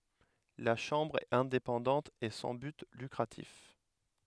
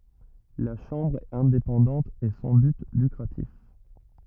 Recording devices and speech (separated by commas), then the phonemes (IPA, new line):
headset microphone, rigid in-ear microphone, read sentence
la ʃɑ̃bʁ ɛt ɛ̃depɑ̃dɑ̃t e sɑ̃ byt lykʁatif